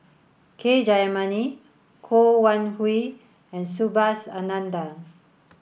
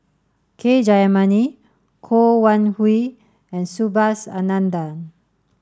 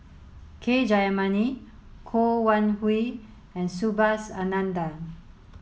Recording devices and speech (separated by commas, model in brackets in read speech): boundary microphone (BM630), standing microphone (AKG C214), mobile phone (Samsung S8), read sentence